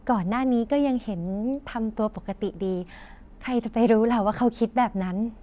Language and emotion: Thai, happy